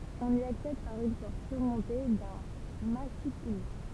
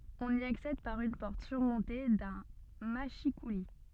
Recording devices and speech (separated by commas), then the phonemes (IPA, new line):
temple vibration pickup, soft in-ear microphone, read sentence
ɔ̃n i aksɛd paʁ yn pɔʁt syʁmɔ̃te dœ̃ maʃikuli